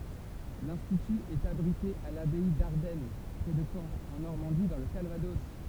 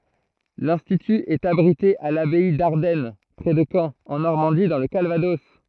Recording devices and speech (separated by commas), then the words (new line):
temple vibration pickup, throat microphone, read sentence
L'institut est abrité à l'abbaye d'Ardenne, près de Caen, en Normandie dans le Calvados.